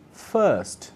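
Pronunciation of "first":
The r in 'first' is silent.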